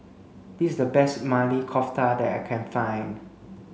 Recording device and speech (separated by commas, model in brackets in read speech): mobile phone (Samsung C5), read sentence